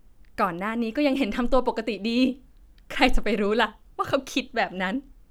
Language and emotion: Thai, frustrated